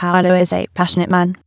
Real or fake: fake